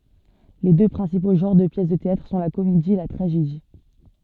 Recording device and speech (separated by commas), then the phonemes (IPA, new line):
soft in-ear microphone, read sentence
le dø pʁɛ̃sipo ʒɑ̃ʁ də pjɛs də teatʁ sɔ̃ la komedi e la tʁaʒedi